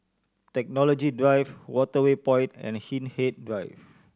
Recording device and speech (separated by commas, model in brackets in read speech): standing microphone (AKG C214), read sentence